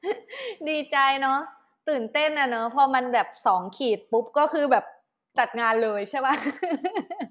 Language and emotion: Thai, happy